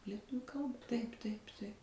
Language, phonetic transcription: Lithuanian, lieˈtu ˈkalba ˈtaip taip taip

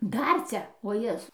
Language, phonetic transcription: Lithuanian, ˈdar ˈcia o ˈjezu

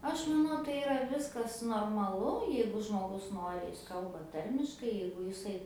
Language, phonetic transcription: Lithuanian, ˈaš maˈnau tai iˈra ˈviskas normaˈlu ˈjeigu žmoˈgus ˈnori jis ˈkalba ˈtarmiškai ˈjeigu jiˈsai

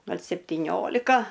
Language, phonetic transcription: Lithuanian, ˈgal' septyˈniolika

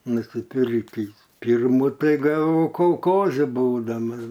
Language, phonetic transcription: Lithuanian, nusiˈpirkįs ˈpyrmų ˈtai gaˈvau kolˈkoze ˈbūdamas

